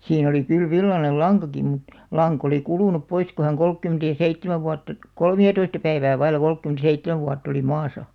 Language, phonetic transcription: Finnish, 'siin ‿oli kyl "villanel "laŋkaki mut , "laŋk ‿olì 'kulùnup 'pois ku häŋ "kolkkymᵉntä ja "seittemäv vuatta , "kolmi₍atoista päivää vail̆§la 'kolkkymᵗ seittemäv 'vuatt ‿oli 'maasa .
- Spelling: siinä oli kyllä villainen lankakin mutta lanka oli kulunut pois kun hän kolmekymmentä ja seitsemän vuotta kolmeatoista päivää vailla kolmekymmentä seitsemän vuotta oli maassa

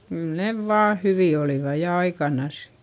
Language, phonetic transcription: Finnish, kyl nev vaa hyvì olìva ja aikanas .
- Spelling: kyllä ne vain hyviä olivat ja aikanansa

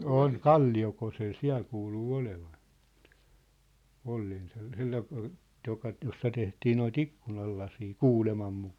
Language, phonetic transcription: Finnish, 'òn , "Kalli₍okosel "siä̭l 'kuuluu "olevan̬ , 'olleen sel- , 'sellaiŋ (ku) , joka ‿t- , 'jossa tehtii noit "ikkunallasii , "kuulemam mukaa .
- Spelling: on Kalliokoskella siellä kuuluu olevan olleen - sellainen kuin joka - jossa tehtiin noita ikkunalaseja kuuleman mukaan

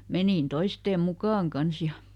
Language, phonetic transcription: Finnish, ˈmenìn ˈtoisteem "mukaaŋ ˈkans ja ,.
- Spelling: menin toisten mukaan kanssa ja

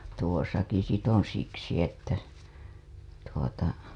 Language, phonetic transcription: Finnish, tuosaki sit ‿on siksi että , tuota .
- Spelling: tuossakin sitten on siksi että tuota

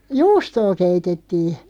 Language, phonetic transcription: Finnish, juustoo 'keitettii .
- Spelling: juustoa keitettiin

